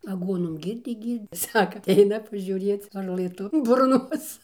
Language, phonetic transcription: Lithuanian, aˈguonom ˈgyrdė ˈgyr'd' ˈsaka atˈeina pažiūˈrėc varˈlɘ ˈtu burˈnos

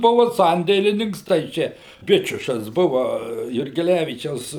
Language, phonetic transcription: Lithuanian, ˈbuvu ˈsandėlininks tai ˈčia ˈbičiušas ˈbuva jurgeˈlævyčiaus

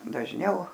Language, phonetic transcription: Lithuanian, dažˈniau

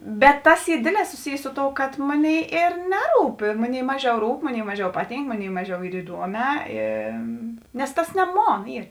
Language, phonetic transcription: Lithuanian, bet ˈtas ˈy ˈdėdˌlē suˈsijė ˈsu ˌtou kad ˈmoˌnėi ir ˈneˌrūp ir ˈmoˌnėi ˈmaˌžiau ˈrūp ˈmoˌnėi ˈmaˌžiau ˈpaˌtynk ˈmoˌnėi ˈmaˌžiau ˈyr iˈduoˌmē i nes ˈtas ne ˈmon ˈyr

